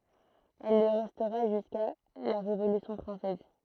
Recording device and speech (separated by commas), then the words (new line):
throat microphone, read sentence
Elle le restera jusqu'à la Révolution française.